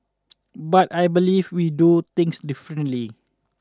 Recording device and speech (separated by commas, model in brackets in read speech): standing microphone (AKG C214), read sentence